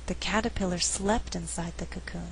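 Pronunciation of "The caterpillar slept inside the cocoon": In this sentence, the word 'slept' is emphasized.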